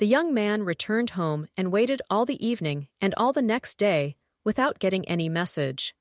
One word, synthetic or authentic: synthetic